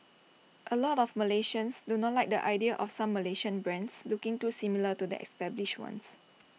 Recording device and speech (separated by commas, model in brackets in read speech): mobile phone (iPhone 6), read sentence